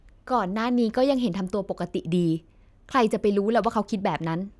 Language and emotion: Thai, frustrated